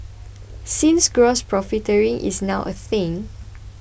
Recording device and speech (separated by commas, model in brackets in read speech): boundary microphone (BM630), read sentence